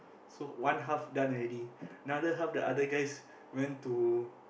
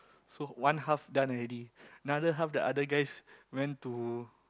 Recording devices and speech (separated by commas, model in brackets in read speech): boundary microphone, close-talking microphone, conversation in the same room